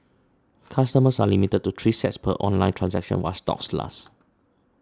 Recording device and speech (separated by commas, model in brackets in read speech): standing microphone (AKG C214), read sentence